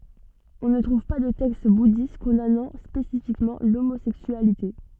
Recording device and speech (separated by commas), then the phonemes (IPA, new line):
soft in-ear microphone, read sentence
ɔ̃ nə tʁuv pa də tɛkst budist kɔ̃danɑ̃ spesifikmɑ̃ lomozɛksyalite